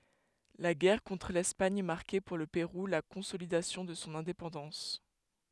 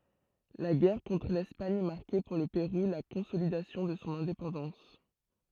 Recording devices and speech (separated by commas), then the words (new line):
headset microphone, throat microphone, read sentence
La guerre contre l’Espagne marquait pour le Pérou la consolidation de son indépendance.